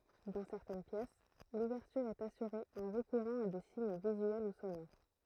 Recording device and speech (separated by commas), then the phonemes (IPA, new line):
throat microphone, read sentence
dɑ̃ sɛʁtɛn pjɛs luvɛʁtyʁ ɛt asyʁe ɑ̃ ʁəkuʁɑ̃ a de siɲ vizyɛl u sonoʁ